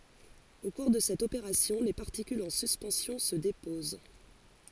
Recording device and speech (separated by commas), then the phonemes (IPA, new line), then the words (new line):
forehead accelerometer, read sentence
o kuʁ də sɛt opeʁasjɔ̃ le paʁtikylz ɑ̃ syspɑ̃sjɔ̃ sə depoz
Au cours de cette opération, les particules en suspension se déposent.